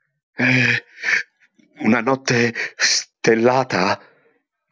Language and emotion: Italian, fearful